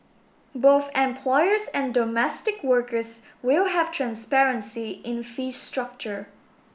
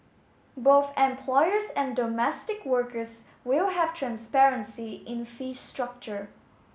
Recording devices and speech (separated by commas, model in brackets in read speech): boundary microphone (BM630), mobile phone (Samsung S8), read sentence